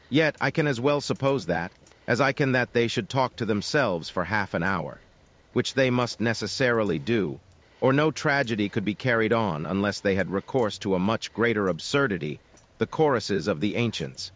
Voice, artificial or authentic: artificial